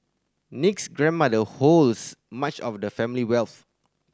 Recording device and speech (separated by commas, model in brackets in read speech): standing microphone (AKG C214), read sentence